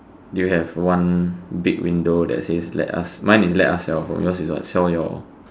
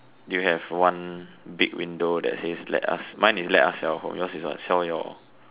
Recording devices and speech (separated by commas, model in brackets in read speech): standing microphone, telephone, conversation in separate rooms